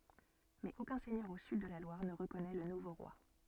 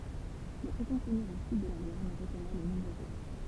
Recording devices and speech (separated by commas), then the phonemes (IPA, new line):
soft in-ear microphone, temple vibration pickup, read sentence
mɛz okœ̃ sɛɲœʁ o syd də la lwaʁ nə ʁəkɔnɛ lə nuvo ʁwa